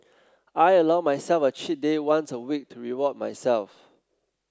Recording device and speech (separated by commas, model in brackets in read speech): close-talking microphone (WH30), read sentence